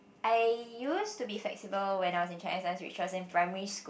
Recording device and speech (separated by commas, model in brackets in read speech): boundary microphone, conversation in the same room